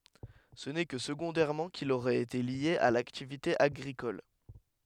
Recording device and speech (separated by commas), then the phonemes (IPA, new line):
headset microphone, read sentence
sə nɛ kə səɡɔ̃dɛʁmɑ̃ kil oʁɛt ete lje a laktivite aɡʁikɔl